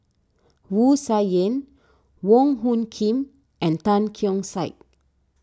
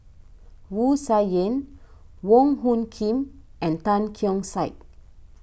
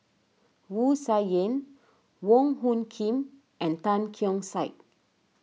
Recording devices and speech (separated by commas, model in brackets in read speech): standing microphone (AKG C214), boundary microphone (BM630), mobile phone (iPhone 6), read sentence